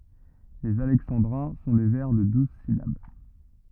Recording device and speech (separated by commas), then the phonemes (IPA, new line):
rigid in-ear microphone, read sentence
lez alɛksɑ̃dʁɛ̃ sɔ̃ de vɛʁ də duz silab